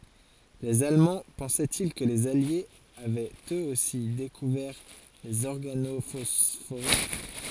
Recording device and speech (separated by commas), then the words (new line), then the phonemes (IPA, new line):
forehead accelerometer, read sentence
Les Allemands pensaient-ils que les Alliés avaient eux aussi découvert les organophosphorés?
lez almɑ̃ pɑ̃sɛti kə lez aljez avɛt øz osi dekuvɛʁ lez ɔʁɡanofɔsfoʁe